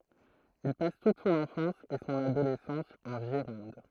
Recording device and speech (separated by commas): throat microphone, read sentence